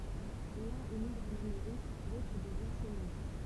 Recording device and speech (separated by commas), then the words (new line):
temple vibration pickup, read sentence
L'un émigre en Amérique, l'autre devient cheminot.